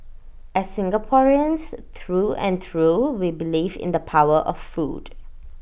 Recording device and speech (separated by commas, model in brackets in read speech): boundary microphone (BM630), read sentence